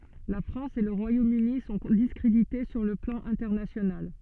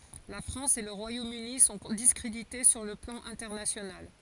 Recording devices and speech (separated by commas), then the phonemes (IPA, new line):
soft in-ear microphone, forehead accelerometer, read sentence
la fʁɑ̃s e lə ʁwajomøni sɔ̃ diskʁedite syʁ lə plɑ̃ ɛ̃tɛʁnasjonal